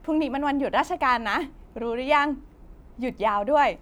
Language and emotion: Thai, happy